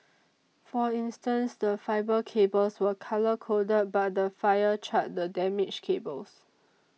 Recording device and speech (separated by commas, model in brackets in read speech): mobile phone (iPhone 6), read sentence